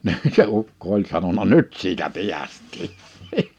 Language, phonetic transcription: Finnish, 'nin se 'ukko oĺ 'sanona » "nyt siitä 'piäst̆tii ! «
- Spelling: niin se ukko oli sanonut nyt siitä päästiin

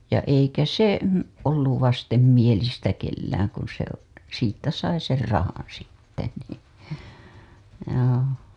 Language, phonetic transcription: Finnish, ja eikä 'se , olluv 'vastemmielistä kellääŋ kun̬ se , siittä sai ser 'rahan sitte nii joo .
- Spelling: ja eikä se ollut vastenmielistä kenelläkään kun se siitä sai sen rahan sitten niin joo

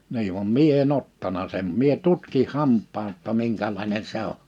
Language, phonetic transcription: Finnish, nii vam "mie e"n ‿ottana sem 'mie 'tutkih 'hamp̆paa ‿tta 'miŋkäl̀àine 'se ‿o .
- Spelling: niin vaan minä en ottanut sen minä tutkin hampaan jotta minkälainen se on

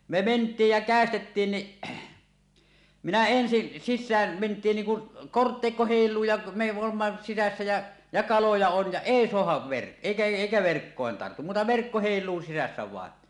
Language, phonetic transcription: Finnish, me "ment̀iij jä 'kä̀estettiin ni , minä ensi , 'sissääm ment̀iin niiŋ kun , "korttèikko 'hèil̆luu ja me oomma sisässä jä , ja kaloja on ja "èi 'soahav verk- èikä èikä 'verkkòen tartu , muuta verkko 'hèil̀uu sisässä vàen .
- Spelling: me mentiin ja käestettiin niin minä ensin sisään mentiin niin kun kortteikko heiluu ja me olemme sisässä ja ja kaloja on ja ei saada - eikä eikä verkkoon tartu muuta verkko heiluu sisässä vain

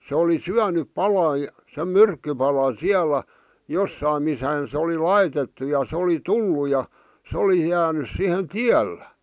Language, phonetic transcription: Finnish, se oli "syänyp 'pala , sem "myrkkypalan̬ "siälä , 'jossaim (missäʰän̬) se oli "laitettu ja se oli "tullu ja , 'se oli jäänys sihen "tiällä .
- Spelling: se oli syönyt palan sen myrkkypalan siellä jossakin missähän se oli laitettu ja se oli tullut ja se oli jäänyt siihen tiellä

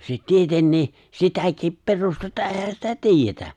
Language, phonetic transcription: Finnish, se "tietennii , 'sitäkip "pe̬rustetta 'èhä sitä "ti̬ijjetä .
- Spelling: se tietenkin sitäkin perustetta eihän sitä tiedetä

